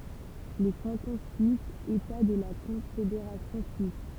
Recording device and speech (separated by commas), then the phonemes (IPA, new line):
temple vibration pickup, read sentence
le kɑ̃tɔ̃ syisz eta də la kɔ̃fedeʁasjɔ̃ syis